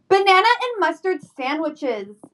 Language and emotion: English, angry